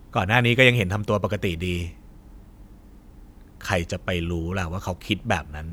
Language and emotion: Thai, frustrated